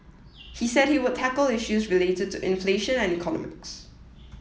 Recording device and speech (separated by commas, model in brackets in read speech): mobile phone (iPhone 7), read sentence